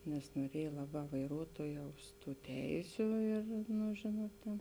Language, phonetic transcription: Lithuanian, nes noˈriej ˈlaˌbā vaiˈruotuojaus ˈtų ˈteisiu ir nu ˈžėnuot tėn

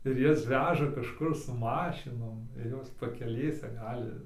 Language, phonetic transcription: Lithuanian, ir ˈjas ˈveža kažˈkur su ˈmašinom ir ˈjos pakeˈlėse ˈgali

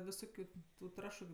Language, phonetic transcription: Lithuanian, viˈsokiu tu ˈtrašu

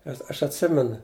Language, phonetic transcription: Lithuanian, nes ˈaš atˈsimenu

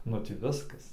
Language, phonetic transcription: Lithuanian, nu ˈtį ˈviskas

